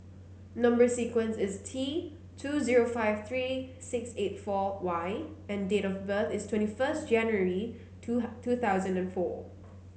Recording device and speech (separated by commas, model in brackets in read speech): mobile phone (Samsung C9), read sentence